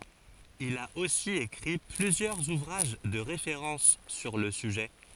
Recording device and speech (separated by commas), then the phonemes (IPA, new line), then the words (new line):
forehead accelerometer, read sentence
il a osi ekʁi plyzjœʁz uvʁaʒ də ʁefeʁɑ̃s syʁ lə syʒɛ
Il a aussi écrit plusieurs ouvrages de référence sur le sujet.